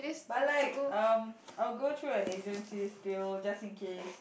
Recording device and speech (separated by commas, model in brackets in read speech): boundary microphone, conversation in the same room